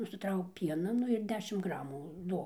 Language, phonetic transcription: Lithuanian, nusiˈtrauk ˈpiena ˈnu ir ˈdešim ˈgramų ˈduok

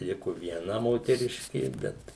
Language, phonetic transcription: Lithuanian, ˈliko vieˈna moteˈriškė ˈbet

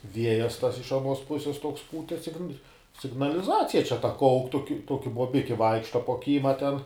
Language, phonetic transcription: Lithuanian, ˈviejas tas iš aˈnuos ˈpuses toks ˈpūte sign signaliˈzacija čia ta ˈkauk tok ˈtoki bobiki ˈvaikšta po ˈkyma ˈten

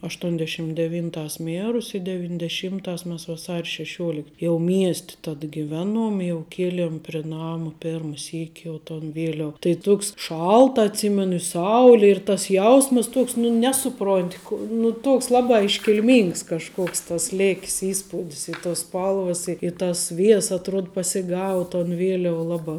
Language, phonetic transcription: Lithuanian, ašˈtuondeˌšym deˈvynˌtās ˈmierus' i devindeˈšymˌtās mes vaˈsar' šeˈšiuolikt ˈjau ˈmiest' tad giˈveˌnuom i jau ˈkieliem pri ˈnama ˈpėrma ˈsyki jau ton ˈvieliav tai ˈtuoks ˈšalta atˈsymenu i ˈsauli ir tas ˈjausməs ˈtuoks ˈnu ˈnesuˌpront' ku nu ˈtuoks ˈlabā iškilˈmings kažˈkuoks tas ˈlėk's ˈįspūdis i tos ˈspalvas i tas ˈvies atˈruod pasiˈgau ton ˈvieliau ˈlabā

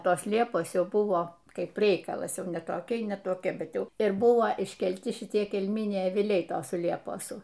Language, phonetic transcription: Lithuanian, ˈtos ˈliepos ˈjau ˈbuvo ˈkaip ˈreikalas ˈjau ne toˈkiai ne toˈkia bet ˈjau ir ˈbuva iškelˈti šiˈtie kelˈminiai aviˈliai ˈtosu ˈlieposu

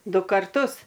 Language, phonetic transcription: Lithuanian, ˈdu karˈtus

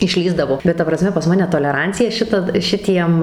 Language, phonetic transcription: Lithuanian, išˈlįsdavo bet ˈta praˈsme pas ˈmane toleˈrancija ˈšita ˈšitiem

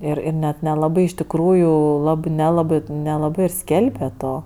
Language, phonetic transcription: Lithuanian, ˈir ir net neˈlabai iš tikˈrųju ˈlabɜ neˈlabɜ nelaˈbɜ ir ˈskelbe ˈto

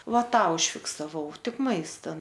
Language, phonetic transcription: Lithuanian, ˈva ˈtą užfiksaˈvau ˈtik ˈmaista

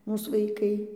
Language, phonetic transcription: Lithuanian, ˈmūs vaiˈkai

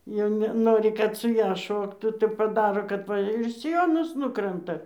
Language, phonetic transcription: Lithuanian, jau neˈnori kad su ˈja ˈšoktų tai paˈdaro kad ˈva ir siˈjonas ˈnukranta

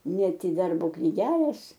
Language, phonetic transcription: Lithuanian, ˈnet i ˈdarbo kniˈgelės

